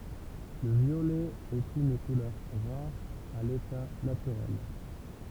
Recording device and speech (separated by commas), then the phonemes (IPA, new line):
temple vibration pickup, read sentence
lə vjolɛ ɛt yn kulœʁ ʁaʁ a leta natyʁɛl